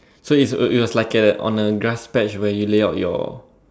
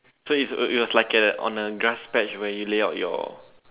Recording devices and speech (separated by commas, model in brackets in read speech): standing microphone, telephone, conversation in separate rooms